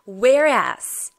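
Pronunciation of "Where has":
In 'where has', the h in 'has' is not pronounced, and 'has' connects to 'where'.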